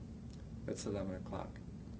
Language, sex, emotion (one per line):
English
male
neutral